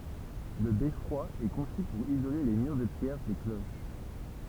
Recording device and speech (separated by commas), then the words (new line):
temple vibration pickup, read sentence
Le beffroi est conçu pour isoler les murs de pierre des cloches.